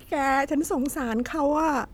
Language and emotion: Thai, sad